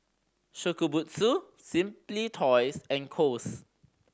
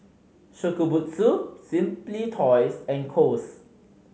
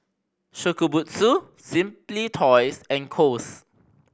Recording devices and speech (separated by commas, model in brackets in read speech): standing microphone (AKG C214), mobile phone (Samsung C5010), boundary microphone (BM630), read sentence